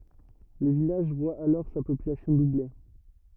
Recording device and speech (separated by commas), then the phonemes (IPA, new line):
rigid in-ear microphone, read sentence
lə vilaʒ vwa alɔʁ sa popylasjɔ̃ duble